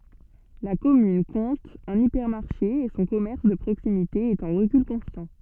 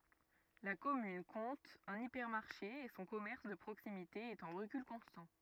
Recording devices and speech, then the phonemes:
soft in-ear microphone, rigid in-ear microphone, read sentence
la kɔmyn kɔ̃t œ̃n ipɛʁmaʁʃe e sɔ̃ kɔmɛʁs də pʁoksimite ɛt ɑ̃ ʁəkyl kɔ̃stɑ̃

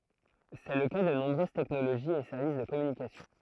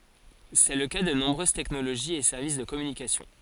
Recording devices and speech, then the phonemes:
throat microphone, forehead accelerometer, read sentence
sɛ lə ka də nɔ̃bʁøz tɛknoloʒiz e sɛʁvis də kɔmynikasjɔ̃

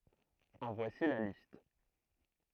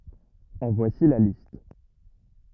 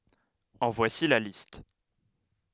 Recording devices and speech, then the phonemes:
throat microphone, rigid in-ear microphone, headset microphone, read sentence
ɑ̃ vwasi la list

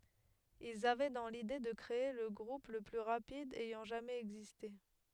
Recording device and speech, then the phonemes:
headset microphone, read sentence
ilz avɛ dɑ̃ lide də kʁee lə ɡʁup lə ply ʁapid ɛjɑ̃ ʒamɛz ɛɡziste

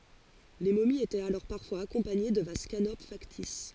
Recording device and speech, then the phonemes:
forehead accelerometer, read sentence
le momiz etɛt alɔʁ paʁfwaz akɔ̃paɲe də vaz kanop faktis

